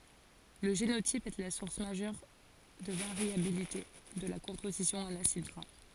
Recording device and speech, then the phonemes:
forehead accelerometer, read sentence
lə ʒenotip ɛ la suʁs maʒœʁ də vaʁjabilite də la kɔ̃pozisjɔ̃ ɑ̃n asid ɡʁa

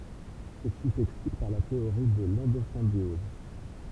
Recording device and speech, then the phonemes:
temple vibration pickup, read sentence
səsi sɛksplik paʁ la teoʁi də lɑ̃dozɛ̃bjɔz

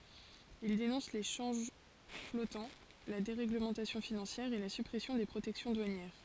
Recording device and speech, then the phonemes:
forehead accelerometer, read sentence
il denɔ̃s le ʃɑ̃ʒ flɔtɑ̃ la deʁeɡləmɑ̃tasjɔ̃ finɑ̃sjɛʁ e la sypʁɛsjɔ̃ de pʁotɛksjɔ̃ dwanjɛʁ

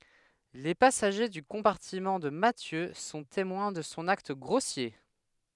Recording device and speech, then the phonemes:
headset microphone, read sentence
le pasaʒe dy kɔ̃paʁtimɑ̃ də matjø sɔ̃ temwɛ̃ də sɔ̃ akt ɡʁosje

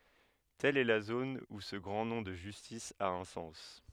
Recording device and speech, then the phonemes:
headset microphone, read sentence
tɛl ɛ la zon u sə ɡʁɑ̃ nɔ̃ də ʒystis a œ̃ sɑ̃s

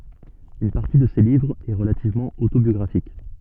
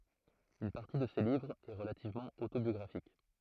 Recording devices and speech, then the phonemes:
soft in-ear microphone, throat microphone, read sentence
yn paʁti də se livʁz ɛ ʁəlativmɑ̃ otobjɔɡʁafik

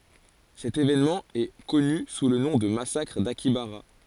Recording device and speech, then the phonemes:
forehead accelerometer, read sentence
sɛt evenmɑ̃ ɛ kɔny su lə nɔ̃ də masakʁ dakjabaʁa

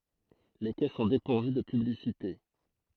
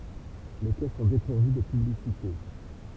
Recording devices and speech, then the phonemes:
throat microphone, temple vibration pickup, read sentence
le kɛ sɔ̃ depuʁvy də pyblisite

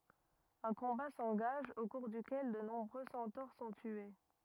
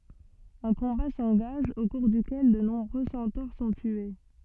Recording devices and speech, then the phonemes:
rigid in-ear microphone, soft in-ear microphone, read sentence
œ̃ kɔ̃ba sɑ̃ɡaʒ o kuʁ dykɛl də nɔ̃bʁø sɑ̃toʁ sɔ̃ tye

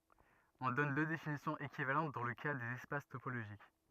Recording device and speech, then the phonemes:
rigid in-ear microphone, read sentence
ɔ̃ dɔn dø definisjɔ̃z ekivalɑ̃t dɑ̃ lə ka dez ɛspas topoloʒik

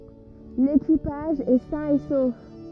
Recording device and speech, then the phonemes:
rigid in-ear microphone, read sentence
lekipaʒ ɛ sɛ̃ e sof

